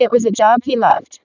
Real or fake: fake